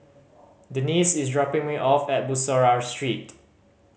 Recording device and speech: mobile phone (Samsung C5010), read sentence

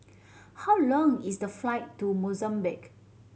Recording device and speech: mobile phone (Samsung C7100), read sentence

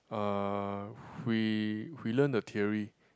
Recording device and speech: close-talking microphone, conversation in the same room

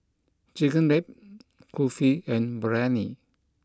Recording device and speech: close-talking microphone (WH20), read sentence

